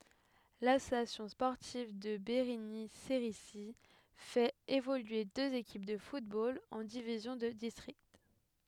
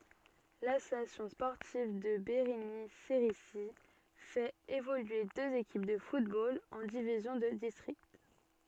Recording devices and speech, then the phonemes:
headset microphone, soft in-ear microphone, read sentence
lasosjasjɔ̃ spɔʁtiv də beʁiɲi seʁizi fɛt evolye døz ekip də futbol ɑ̃ divizjɔ̃ də distʁikt

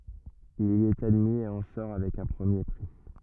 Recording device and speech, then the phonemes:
rigid in-ear microphone, read sentence
il i ɛt admi e ɑ̃ sɔʁ avɛk œ̃ pʁəmje pʁi

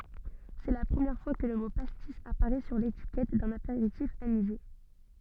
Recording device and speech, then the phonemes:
soft in-ear microphone, read sentence
sɛ la pʁəmjɛʁ fwa kə lə mo pastis apaʁɛ syʁ letikɛt dœ̃n apeʁitif anize

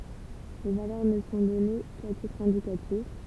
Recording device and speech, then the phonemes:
temple vibration pickup, read sentence
le valœʁ nə sɔ̃ dɔne ka titʁ ɛ̃dikatif

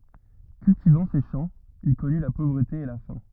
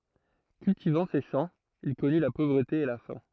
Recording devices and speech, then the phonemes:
rigid in-ear microphone, throat microphone, read sentence
kyltivɑ̃ se ʃɑ̃ il kɔny la povʁəte e la fɛ̃

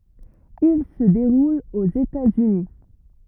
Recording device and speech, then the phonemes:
rigid in-ear microphone, read sentence
il sə deʁul oz etaz yni

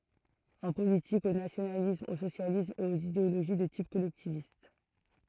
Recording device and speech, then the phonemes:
throat microphone, read sentence
ɑ̃ politik o nasjonalism o sosjalism e oz ideoloʒi də tip kɔlɛktivist

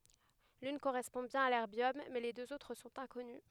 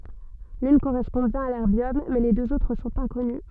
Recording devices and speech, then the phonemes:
headset microphone, soft in-ear microphone, read sentence
lyn koʁɛspɔ̃ bjɛ̃n a lɛʁbjɔm mɛ le døz otʁ sɔ̃t ɛ̃kɔny

